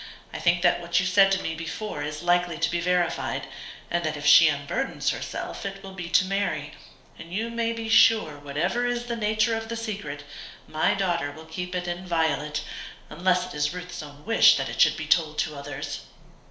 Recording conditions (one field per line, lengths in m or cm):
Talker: one person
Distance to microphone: 1.0 m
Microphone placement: close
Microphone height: 1.1 m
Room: small (3.7 m by 2.7 m)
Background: none